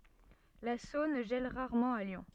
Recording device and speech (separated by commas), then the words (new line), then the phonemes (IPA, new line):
soft in-ear microphone, read sentence
La Saône gèle rarement à Lyon.
la sɔ̃n ʒɛl ʁaʁmɑ̃ a ljɔ̃